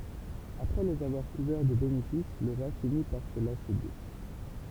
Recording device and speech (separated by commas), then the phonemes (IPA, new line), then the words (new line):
temple vibration pickup, read sentence
apʁɛ lez avwaʁ kuvɛʁ də benefis lə ʁwa fini paʁ sə lase dø
Après les avoir couverts de bénéfices, le roi finit par se lasser d'eux.